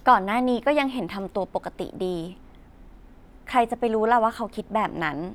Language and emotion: Thai, neutral